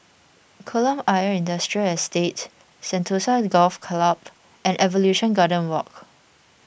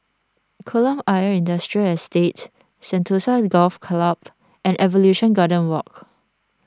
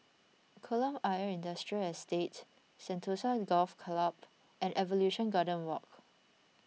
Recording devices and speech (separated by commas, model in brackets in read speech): boundary microphone (BM630), standing microphone (AKG C214), mobile phone (iPhone 6), read sentence